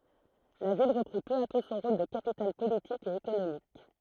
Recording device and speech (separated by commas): throat microphone, read sentence